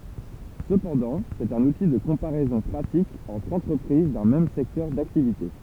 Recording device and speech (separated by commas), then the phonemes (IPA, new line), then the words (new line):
temple vibration pickup, read sentence
səpɑ̃dɑ̃ sɛt œ̃n uti də kɔ̃paʁɛzɔ̃ pʁatik ɑ̃tʁ ɑ̃tʁəpʁiz dœ̃ mɛm sɛktœʁ daktivite
Cependant, c'est un outil de comparaison pratique entre entreprises d'un même secteur d'activité.